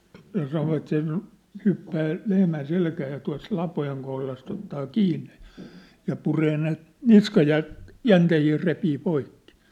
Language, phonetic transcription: Finnish, ja sanovat se , 'hyppää , lehmän 'selkää ja tua̭s 'lapojeŋ kohlast ‿ottaa 'kiinne jᴀ , ja 'puree ne , "niskajä- , "-jäntehii repii 'poikkɪ .
- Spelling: ja sanovat se hyppää lehmän selkään ja tuossa lapojen kohdasta ottaa kiinni ja ja puree ne - niskajänteitä repii poikki

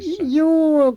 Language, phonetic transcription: Finnish, jû .
- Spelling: juu

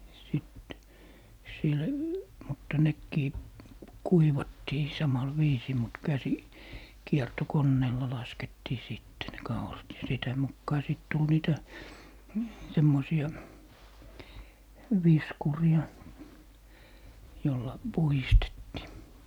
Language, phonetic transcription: Finnish, sit , sil , mutta 'nekkii , "kuivattii 'samal "viisii mut 'käsi- , -'kierto'konneella 'laskettii 'sìtte ne "kaurat ja 'sitä mukkaa 'sit tul 'niitä , 'semmosi₍a , "viskuri₍a , jolla , 'puhistettii .
- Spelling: sitten sillä mutta nekin kuivattiin samalla viisiin mutta - käsikiertokoneella laskettiin sitten ne kaurat ja sitä mukaa sitten tuli niitä semmoisia viskureita jolla puhdistettiin

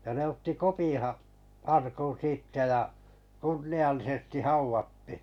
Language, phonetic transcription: Finnish, ja ne otti 'Kopiḭ ha- , 'arkun̬ 'siittä ja , 'kunni₍allisestⁱ 'hauvattɪ .
- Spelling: ja ne otti Kopin - arkun siitä ja kunniallisesti haudattiin

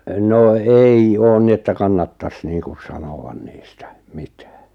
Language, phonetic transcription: Finnish, 'no 'ei 'oon ni että 'kannattas niiŋkuˢ 'sanoʷan 'niistᴀ̈₍ 'mɪtᴀ̈ᴀ̈ .
- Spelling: no ei ole niin että kannattaisi niin kuin sanoa niistä mitään

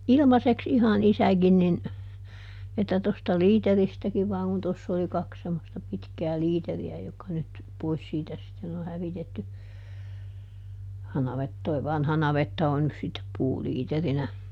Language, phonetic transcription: Finnish, "ilmaseks ˈihan ˈisägin nin , että tosta "liiteristäkiv vaaŋ kun ˈtoss ‿oli ˈkaks semmosta ˈpitkää ˈliiteri₍ä jokka nyt , ˈpois siitä sitten ‿o ˈhävitetty , ja ˈnavet- , toi ˈvanha ˈnavetta on nys sittep ˈpuuliiterinä .
- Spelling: ilmaiseksi ihan isäkin niin että tuosta liiteristäkin vain kun tuossa oli kaksi semmoista pitkää liiteriä jotka nyt pois siitä sitten on hävitetty ja - tuo vanha navetta on nyt sitten puuliiterinä

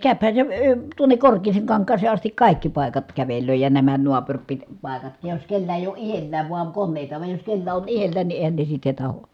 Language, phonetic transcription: Finnish, ja kä̀öphä se əə , tuonek Korkeeseeŋkaŋk̀aasee astik kài̮kki pài̮kat kävelöö ja nämä nuapuŕpit- , -pàekatkij jos kellä èij ‿oo ʼihellääv vuaŋ konnèita va jos kellä on ihellään ni èi̮hän ne sitte taho .
- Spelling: ja käyhän se - tuonne Korkeaankankaaseen asti kaikki paikat kävelee ja nämä - naapuripaikatkin jos kenellä ei ole itsellään vain koneita vaan jos kenellä on itsellään niin eihän ne sitten tahdo

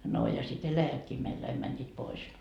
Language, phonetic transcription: Finnish, no ja sit 'eläjätkii meilD aim mäńńiit 'pois .
- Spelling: no ja sitten eläjätkin meiltä aina menivät pois

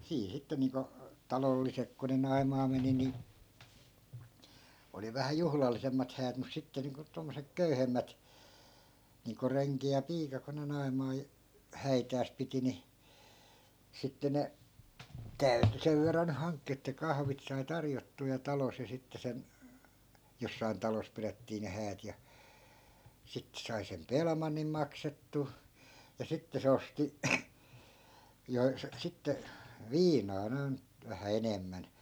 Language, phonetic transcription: Finnish, sii 'sitte niiŋko , "talollisek ko ne 'nai̮maa meni ni , oli 'vähä "juhlallisemmat häät mus 'sitte niiŋko 'tommosek "köyhemmät , niiŋko 'reŋki ja 'piika ko ne 'nai̮maa- , "häitääs piti ni , sitte 'ne , 'täyty 'sev verran ny "haŋkkii että 'kahvit sai 'tarjottuu ja 'talos ja 'sitte sen , 'jossai̮n "talos 'pirettii ne 'häät ja , 'sitte sai 'sem "pelmannim 'maksettuu , ja 'sitte se 'osti , jo- , 'sitte , "viinaa noi̮n , vähä "enemmän .
- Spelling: siinä sitten niin kuin talolliset kun ne naimaan meni niin oli vähän juhlallisemmat häät mutta sitten niin kuin tuommoiset köyhemmät niin kuin renki ja piika kun ne - häitänsä piti niin sitten ne täytyi sen verran nyt hankkia että kahvit sai tarjottua ja talossa ja sitten sen jossakin talossa pidettiin ne häät ja sitten sai sen pelimannin maksettua ja sitten se osti - sitten viinaa noin vähän enemmän

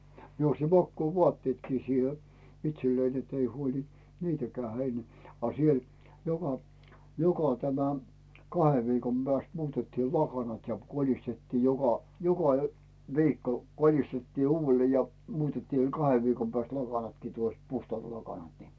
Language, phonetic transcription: Finnish, mie osti "makkuu'vuatteetkii siihe , 'itsellein ‿ettei 'huoĺɪ , "niitäkää 'hein , a siel , joka , joka tämä , "kahev 'viikom Bääst 'muutettii "lakanat ja 'kolistettii joka , joka ö- , 'viikko , 'kolistettii 'uuvvellee ja , 'muutettii 'kahev viikom 'pääst "lakanatkii tuost , 'puhtᵒàt "lakanat ni .
- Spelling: minä osti makuuvaatteetkin siihen itselleni että ei huoli niitäkään heidän a siellä joka joka tämä kahden viikon päästä muutettiin lakanat ja kolistettiin joka joka - viikko kolistettiin uudelleen ja muutettiin kahden viikon päästä lakanatkin tuosta puhtaat lakanat niin

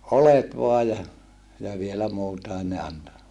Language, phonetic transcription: Finnish, olet voaj ja , ja vielä muutaen ne anto .
- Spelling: oljet vain ja ja vielä muutakin ne antoi

